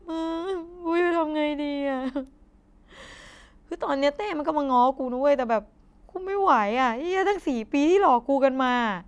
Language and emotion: Thai, sad